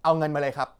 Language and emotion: Thai, frustrated